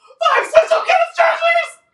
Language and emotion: English, fearful